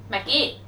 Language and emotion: Thai, neutral